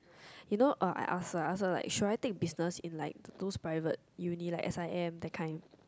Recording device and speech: close-talking microphone, conversation in the same room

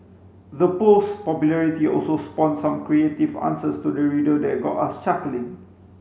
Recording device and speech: mobile phone (Samsung C5), read sentence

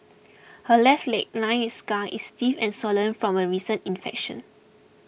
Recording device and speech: boundary microphone (BM630), read sentence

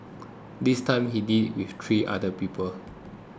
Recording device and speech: close-talking microphone (WH20), read sentence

